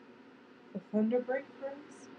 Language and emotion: English, sad